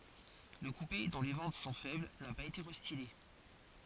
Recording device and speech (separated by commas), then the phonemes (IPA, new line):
forehead accelerometer, read sentence
lə kupe dɔ̃ le vɑ̃t sɔ̃ fɛbl na paz ete ʁɛstile